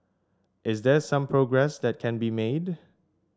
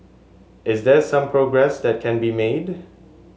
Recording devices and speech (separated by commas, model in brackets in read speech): standing microphone (AKG C214), mobile phone (Samsung S8), read sentence